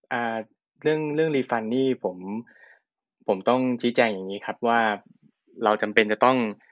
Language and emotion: Thai, neutral